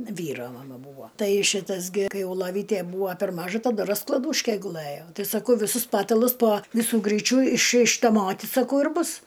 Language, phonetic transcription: Lithuanian, ˈvyro maˈma ˈbūvo ˈtai ˈšitas gi ˈkai ˈjau loˈvytė ˈbūo per ˈmažu taˈdu rasklaˈdūške guˈlɘjo ˈtai saˈkau viˈsus ˈpatalus po ˈvisu ˈgryčiu iš ištaˈmoti saˈkau ir ˈbus

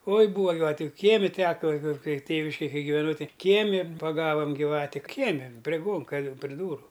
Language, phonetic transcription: Lithuanian, oi ˈbūva giˈvatiu ˈkiemi ˈteka kai kai ˈtėviškėj ˈkai giveˈnau ˈtai ˈkiemi paˈgavam gyˈvati ˈkiemi prė ˈgonka pri dūru

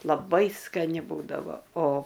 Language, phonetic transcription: Lithuanian, laˈbai skaˈni ˈbūdavo o

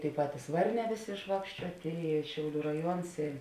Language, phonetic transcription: Lithuanian, tėi ˈpatis ˈvarˌnē ˈvėˌsė išˈvākščiuotė i ˈšiauˌlių raˈjuons i

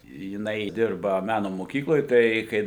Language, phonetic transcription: Lithuanian, jiˈnai ˈdirba ˈmeno moˈkykloj ˈtai kai

